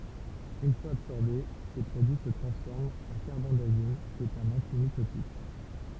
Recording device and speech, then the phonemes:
temple vibration pickup, read sentence
yn fwaz absɔʁbe se pʁodyi sə tʁɑ̃sfɔʁmt ɑ̃ kaʁbɑ̃dazim ki ɛt œ̃n ɑ̃timitotik

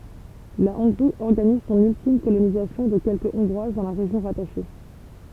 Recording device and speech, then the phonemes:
temple vibration pickup, read sentence
la ɔ̃ɡʁi ɔʁɡaniz sɔ̃n yltim kolonizasjɔ̃ də kɛlkə ɔ̃ɡʁwaz dɑ̃ la ʁeʒjɔ̃ ʁataʃe

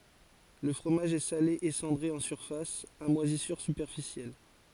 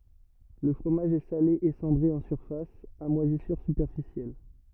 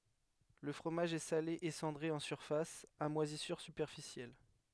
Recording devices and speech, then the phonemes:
forehead accelerometer, rigid in-ear microphone, headset microphone, read sentence
lə fʁomaʒ ɛ sale e sɑ̃dʁe ɑ̃ syʁfas a mwazisyʁ sypɛʁfisjɛl

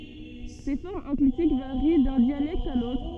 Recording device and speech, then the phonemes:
soft in-ear microphone, read sentence
se fɔʁmz ɑ̃klitik vaʁi dœ̃ djalɛkt a lotʁ

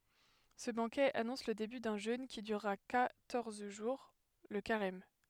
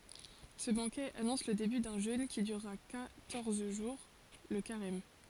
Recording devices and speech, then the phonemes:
headset microphone, forehead accelerometer, read sentence
sə bɑ̃kɛ anɔ̃s lə deby dœ̃ ʒøn ki dyʁʁa kwatɔʁz ʒuʁ lə kaʁɛm

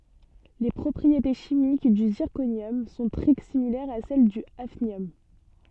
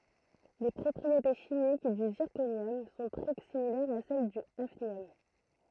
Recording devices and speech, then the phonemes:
soft in-ear microphone, throat microphone, read sentence
le pʁɔpʁiete ʃimik dy ziʁkonjɔm sɔ̃ tʁɛ similɛʁz a sɛl dy afnjɔm

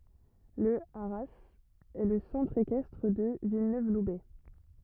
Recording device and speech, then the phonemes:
rigid in-ear microphone, read sentence
lə aʁaz ɛ lə sɑ̃tʁ ekɛstʁ də vilnøvlubɛ

